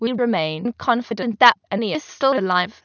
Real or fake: fake